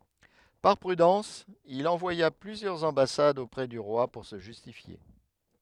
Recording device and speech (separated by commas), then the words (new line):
headset microphone, read sentence
Par prudence, il envoya plusieurs ambassades auprès du roi pour se justifier.